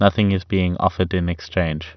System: none